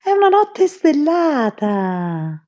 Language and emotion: Italian, happy